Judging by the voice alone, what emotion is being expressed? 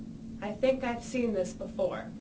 neutral